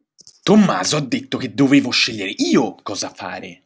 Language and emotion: Italian, angry